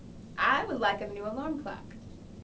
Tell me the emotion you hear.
happy